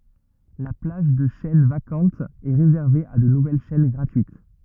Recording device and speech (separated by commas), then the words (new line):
rigid in-ear microphone, read sentence
La plage de chaînes vacantes est réservée à de nouvelles chaînes gratuites.